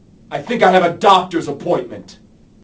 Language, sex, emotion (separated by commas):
English, male, angry